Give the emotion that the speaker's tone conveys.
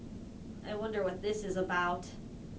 neutral